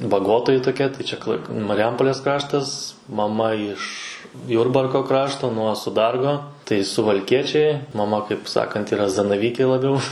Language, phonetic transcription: Lithuanian, baˈgotoji toˈkia tai ˈčia klai mariˈjampolės ˈkraštas maˈma iš ˈjurbarko ˈkrašto nuo suˈdargo ˈtai suvalˈkiečiai maˈma kaip ˈsakant yˈra zanaˈvykė laˈbiau

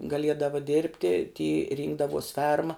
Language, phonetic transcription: Lithuanian, gaˈliedava ˈdėrbti ty ˈrynkdavos ˈferma

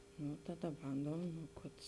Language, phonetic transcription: Lithuanian, nu ˈtaˌda ˈbandom nu ˈkad

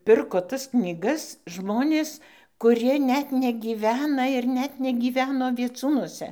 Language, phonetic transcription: Lithuanian, ˈpirko tas knyˈgas ˈžmonės kuˈrie ˈnet negyˈvena ir ˈnet negyˈveno vieˈcūnuose

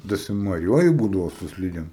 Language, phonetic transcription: Lithuanian, dasimoˈjuoji ˈbūdavo su ˈslydem

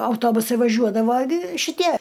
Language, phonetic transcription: Lithuanian, auˈtobusai vaˈžiuodava gi šiˈtie

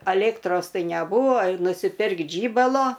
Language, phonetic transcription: Lithuanian, aˈlėktros ˈtai neˈbūvo nusiˈpirkt ˈžybalo

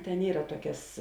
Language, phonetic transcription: Lithuanian, ten ˈyra ˈtuokias

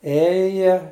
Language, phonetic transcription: Lithuanian, ˈėja

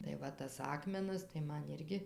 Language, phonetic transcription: Lithuanian, tai ˈva tas ˈakmenas tai ˈman ˈirgi

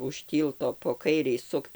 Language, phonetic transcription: Lithuanian, už ˈtylto po ˈkairei ˈsukt

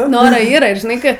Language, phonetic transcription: Lithuanian, ˈnu ˈnoro ˈyra žiˈnai ˈkɜ

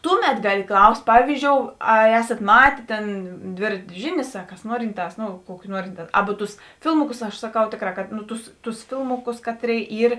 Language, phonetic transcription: Lithuanian, ˈtuˌmet ˈgali ˈklaust' ˈpavyzdžiou ar ˈesat ˈmatė ˈtėn ˈdvėratė ˈžiˌnės a kas ˈnuorinˌtās ˈnu ˈkuoki ˈnuorinˌtā ˈabu ˈtus ˈfilmuˌkus aš saˈkau ˈtėkˌrā kad nu ˈtus ˈtus ˈfilmuˌkus ˈkatˌrėi ˈyr

